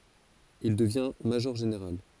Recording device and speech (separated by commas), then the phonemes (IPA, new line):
forehead accelerometer, read sentence
il dəvjɛ̃ maʒɔʁʒeneʁal